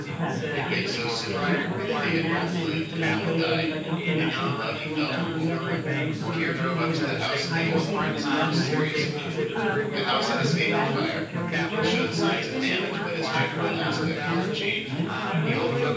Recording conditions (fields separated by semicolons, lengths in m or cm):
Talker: one person; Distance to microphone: 9.8 m; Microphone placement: far; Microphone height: 1.8 m; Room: large; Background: babble